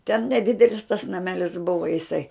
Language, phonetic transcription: Lithuanian, ten neˈdidelis tas naˈmelis ˈbuva jiˈsai

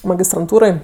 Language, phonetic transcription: Lithuanian, magistranˈtūroj

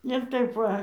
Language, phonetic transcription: Lithuanian, ir ˈtaip ˈva

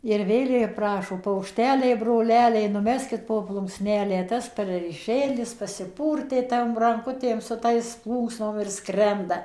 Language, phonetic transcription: Lithuanian, ir ˈvėl ji ˈprašo paukˈšteliai broˈleliai nuˈmeskit po plunksˈnelę ˈtas perəlyˈšėlis pasiˈpūrtė tam ranˈkutėm ˌsu tais ˈplūksnom ir ˈskrenda

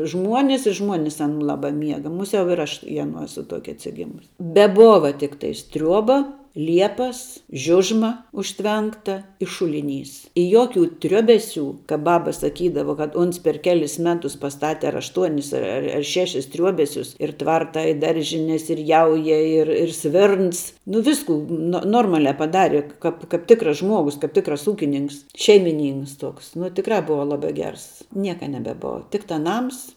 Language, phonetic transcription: Lithuanian, ˈžmuonis i ˈžmuonis aˈnų ˈlabā ˈmiega muˈsiau ir ˈaš i aˈnų ˈesu ˈtuokia atsiˈgimus beˈbova ˈtiktais ˈtriuoba ˈliepas ˈžiužma užˈtvenkta i ˈšuliˌnys i ˈjoˌkių ˈtriuobeˌsių ka ˈbaba saˈkydava kad ˈuns per ˈkelis ˈmetus pasˈtate ar ašˈtuonis ar ar ˈšešis ˈtriuobesius ir ˈtvarta i ˈdaržines ir ˈjauja ir ir ˈsvirns ˈnu ˈviskų no ˈnormalia paˈdari ˈkap kap ˈtikras ˈžmuogus kap ˈtikras ˈūkininks ˈšeimiˌnynks ˈtoks nu tikˈrā ˈbuva ˈlabā ˈgers ˈnieka nebeˈbova ˈtiktā ˈnams

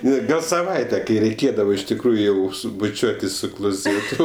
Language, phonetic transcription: Lithuanian, ˈne ˈgal saˈvaite kai reiˈkėdavo iš tikˈrųju ˈjau ˈsu buˈčiuotis su kloˈzėtu

